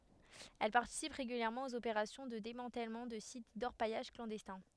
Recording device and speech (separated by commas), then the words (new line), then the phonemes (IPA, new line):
headset microphone, read sentence
Elle participe régulièrement aux opérations de démantèlement de sites d’orpaillage clandestins.
ɛl paʁtisip ʁeɡyljɛʁmɑ̃ oz opeʁasjɔ̃ də demɑ̃tɛlmɑ̃ də sit dɔʁpajaʒ klɑ̃dɛstɛ̃